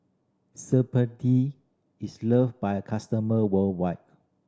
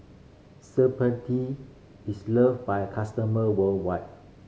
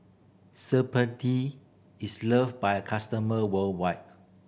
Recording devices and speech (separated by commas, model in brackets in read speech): standing microphone (AKG C214), mobile phone (Samsung C5010), boundary microphone (BM630), read sentence